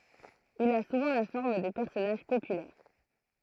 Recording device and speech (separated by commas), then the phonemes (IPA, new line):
throat microphone, read sentence
il a suvɑ̃ la fɔʁm də pɛʁsɔnaʒ popylɛʁ